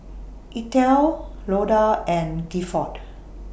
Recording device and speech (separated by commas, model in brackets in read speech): boundary microphone (BM630), read sentence